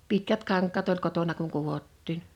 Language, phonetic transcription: Finnish, 'pitkät 'kaŋk̀att ‿oĺ 'kotona kuŋ 'kuvottiin .
- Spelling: pitkät kankaat oli kotona kun kudottiin

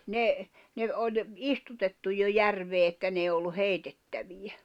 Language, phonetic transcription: Finnish, ne , ne ’oĺ , 'istutettu jo 'järvee että n ‿èi̬ ollu 'heitettävijä .
- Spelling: ne ne oli istutettu jo järveen että ne ei ollut heitettäviä

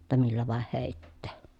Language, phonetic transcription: Finnish, [jot]ta millä vàeh hèittee » .
- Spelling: jotta millä vain heittää

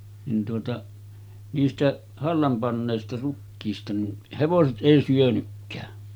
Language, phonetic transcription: Finnish, nin tuota , niistä’ , 'hallam pannèista 'rukkiista nin , hevoset '’èi syönykkää .
- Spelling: niin tuota niistä hallan panneista rukiista niin hevoset ei syönytkään

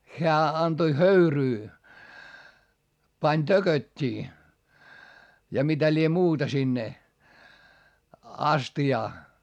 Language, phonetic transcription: Finnish, χeä antoⁱ höyryy , pań tököt́t́ii , ja mitä lie muuta sinne , asti₍aa .
- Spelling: hän antoi höyryä pani tököttiä ja mitä lie muuta sinne astiaan

